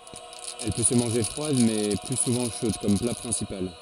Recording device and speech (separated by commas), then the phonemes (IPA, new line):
forehead accelerometer, read sentence
ɛl pø sə mɑ̃ʒe fʁwad mɛ ply suvɑ̃ ʃod kɔm pla pʁɛ̃sipal